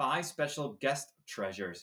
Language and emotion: English, disgusted